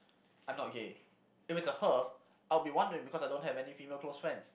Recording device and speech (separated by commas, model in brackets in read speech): boundary microphone, conversation in the same room